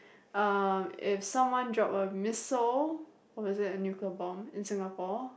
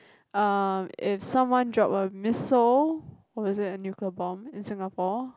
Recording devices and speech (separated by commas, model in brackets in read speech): boundary microphone, close-talking microphone, conversation in the same room